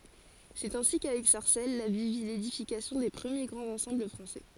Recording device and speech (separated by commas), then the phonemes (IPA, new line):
forehead accelerometer, read sentence
sɛt ɛ̃si kavɛk saʁsɛl la vil vi ledifikasjɔ̃ de pʁəmje ɡʁɑ̃z ɑ̃sɑ̃bl fʁɑ̃sɛ